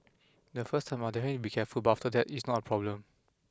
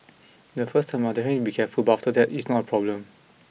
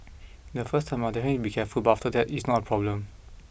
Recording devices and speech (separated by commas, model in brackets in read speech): close-talking microphone (WH20), mobile phone (iPhone 6), boundary microphone (BM630), read sentence